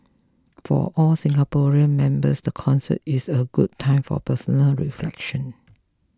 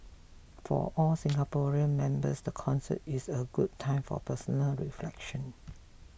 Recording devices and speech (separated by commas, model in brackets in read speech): close-talking microphone (WH20), boundary microphone (BM630), read sentence